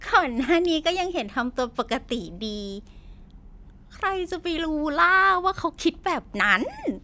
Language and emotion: Thai, happy